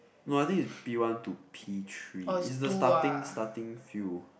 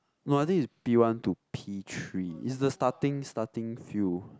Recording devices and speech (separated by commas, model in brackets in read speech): boundary microphone, close-talking microphone, conversation in the same room